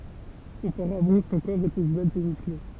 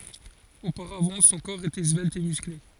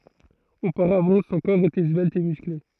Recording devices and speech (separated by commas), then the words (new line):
temple vibration pickup, forehead accelerometer, throat microphone, read sentence
Auparavant, son corps était svelte et musclé.